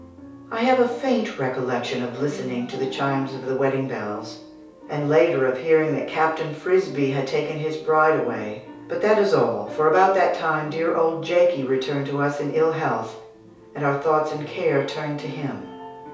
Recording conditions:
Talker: one person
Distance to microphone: 3.0 m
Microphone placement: far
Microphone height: 1.8 m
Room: small (3.7 m by 2.7 m)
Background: music

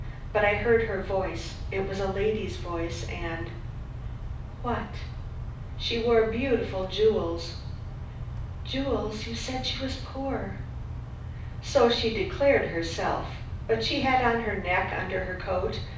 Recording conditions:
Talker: one person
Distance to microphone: 5.8 m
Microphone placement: far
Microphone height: 1.8 m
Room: medium-sized (5.7 m by 4.0 m)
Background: none

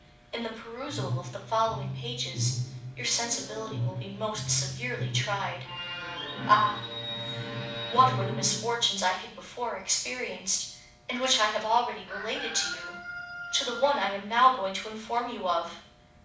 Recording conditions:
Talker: one person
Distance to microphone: 5.8 m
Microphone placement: far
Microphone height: 1.8 m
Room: medium-sized (5.7 m by 4.0 m)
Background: television

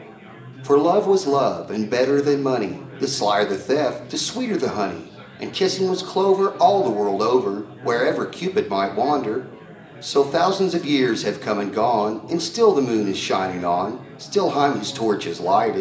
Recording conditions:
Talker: one person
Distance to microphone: 1.8 m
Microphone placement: close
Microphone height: 1.0 m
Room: large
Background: babble

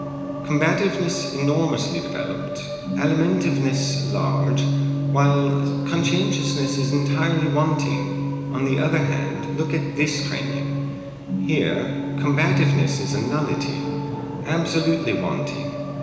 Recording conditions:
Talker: one person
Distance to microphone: 1.7 m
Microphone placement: close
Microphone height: 1.0 m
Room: very reverberant, large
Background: television

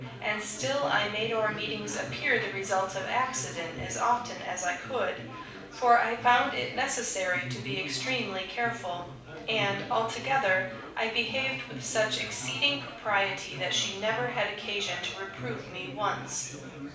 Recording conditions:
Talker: one person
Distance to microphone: 5.8 m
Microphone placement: far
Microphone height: 1.8 m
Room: medium-sized (5.7 m by 4.0 m)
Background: babble

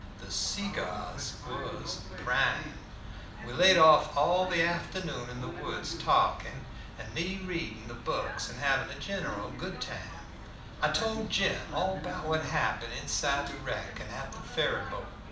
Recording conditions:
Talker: one person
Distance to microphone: 2.0 m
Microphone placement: close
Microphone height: 99 cm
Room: medium-sized (5.7 m by 4.0 m)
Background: television

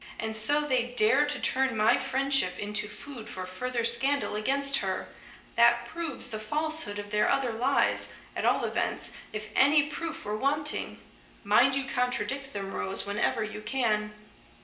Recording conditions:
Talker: one person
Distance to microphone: 1.8 m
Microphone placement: close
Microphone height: 1.0 m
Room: large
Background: none

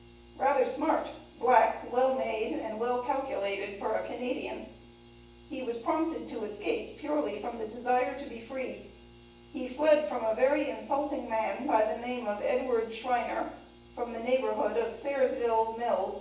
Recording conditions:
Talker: one person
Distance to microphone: 9.8 m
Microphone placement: far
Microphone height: 1.8 m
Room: large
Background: none

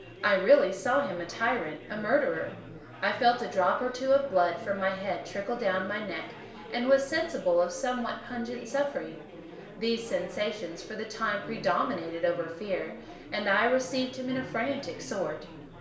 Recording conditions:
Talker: one person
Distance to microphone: 1.0 m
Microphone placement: close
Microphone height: 1.1 m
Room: small (3.7 m by 2.7 m)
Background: babble

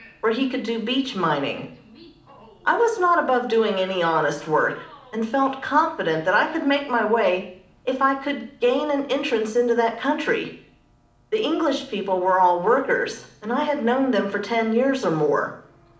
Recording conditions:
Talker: one person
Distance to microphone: 2.0 m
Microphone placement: close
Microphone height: 99 cm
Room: medium-sized (5.7 m by 4.0 m)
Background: television

